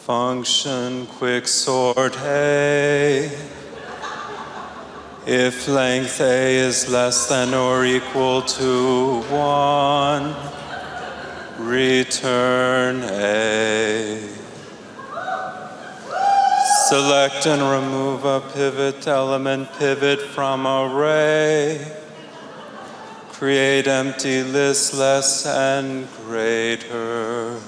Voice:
in a preaching voice